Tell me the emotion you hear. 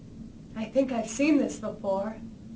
neutral